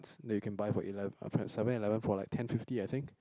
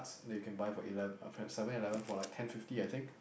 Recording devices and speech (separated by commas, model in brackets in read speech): close-talking microphone, boundary microphone, conversation in the same room